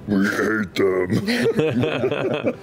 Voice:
deep voice